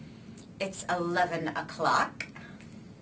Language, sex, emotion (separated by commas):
English, female, disgusted